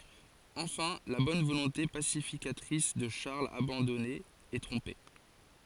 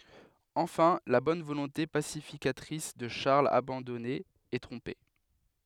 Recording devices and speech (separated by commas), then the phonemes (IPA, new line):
forehead accelerometer, headset microphone, read sentence
ɑ̃fɛ̃ la bɔn volɔ̃te pasifikatʁis də ʃaʁl abɑ̃dɔne ɛ tʁɔ̃pe